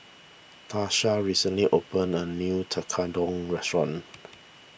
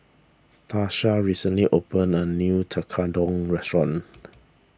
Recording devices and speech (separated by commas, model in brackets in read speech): boundary microphone (BM630), standing microphone (AKG C214), read sentence